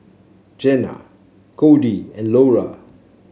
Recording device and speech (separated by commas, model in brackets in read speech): mobile phone (Samsung C7), read sentence